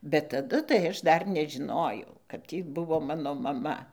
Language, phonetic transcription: Lithuanian, bet taˈdu tai ˈaš ˈdar nežiˈnojau kad ˈtį ˈbuvo ˈmano maˈma

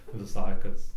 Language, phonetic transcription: Lithuanian, viˈsai ˈkas

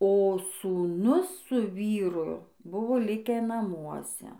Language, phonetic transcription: Lithuanian, o sūˈnus su ˈvyru ˈbuvo ˈlikę naˈmuose

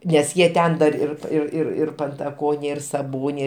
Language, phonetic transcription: Lithuanian, nes ˈjie ˈten dar ir ir ir ir pantaˈkonė ir saˈbonė

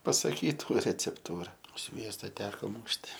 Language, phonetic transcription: Lithuanian, pasaˈkytų recepˈtūra ˈsviesta ˈteko ˈmūšti

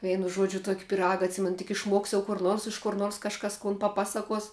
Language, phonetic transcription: Lithuanian, ˈveinu ˈžuodžiu ˈtuok' piˈraga atˈsimenu tik išˈmuoks jau kur ˈnors iš kur ˈnors kažˈkas kun paˈpasakuos

